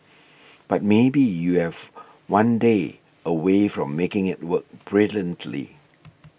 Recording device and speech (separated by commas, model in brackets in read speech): boundary microphone (BM630), read sentence